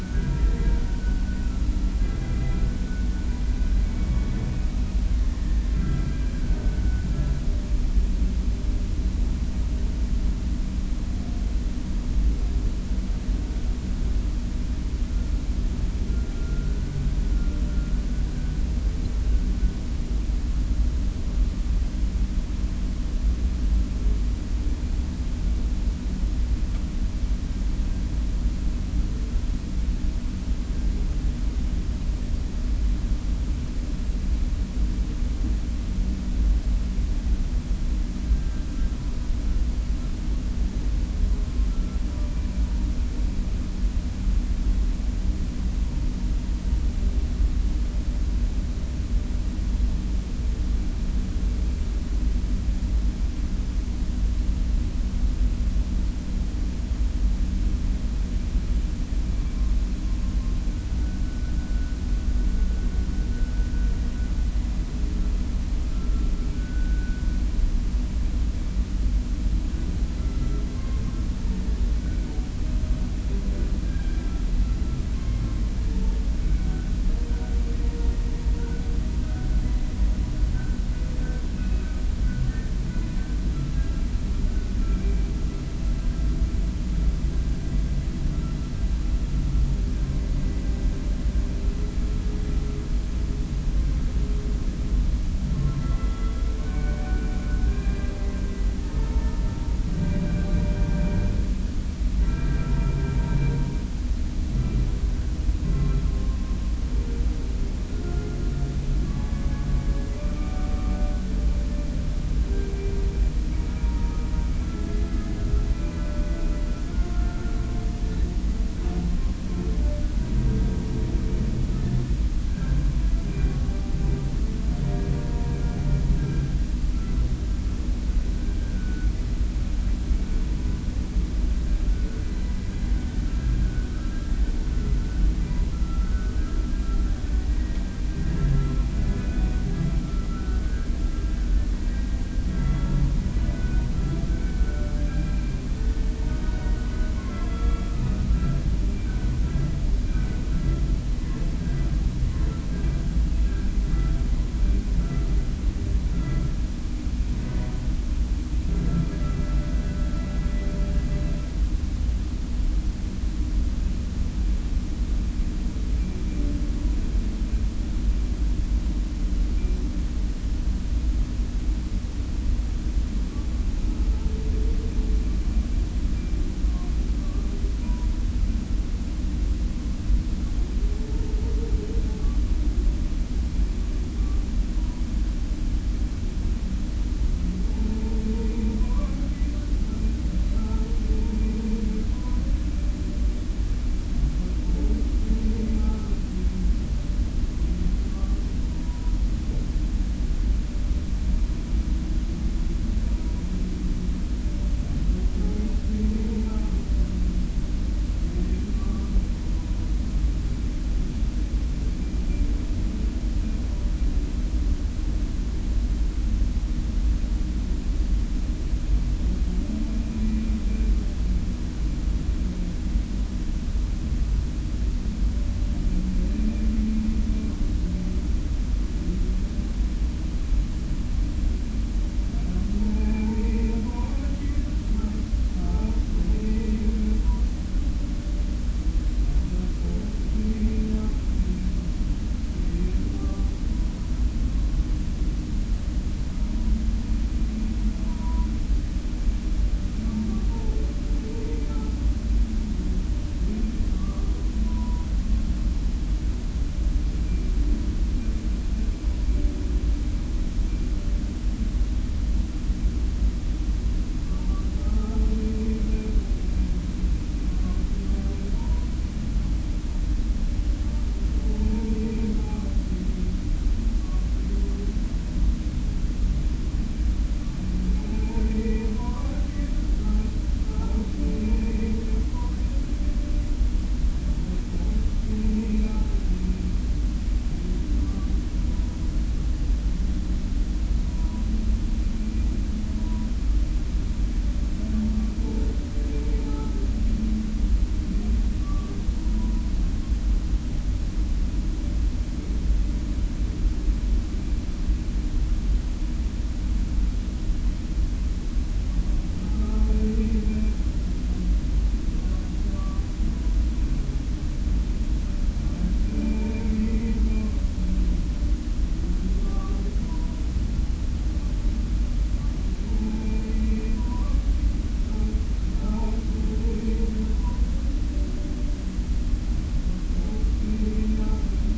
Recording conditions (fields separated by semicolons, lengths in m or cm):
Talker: no one; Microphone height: 2.5 m; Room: large; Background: music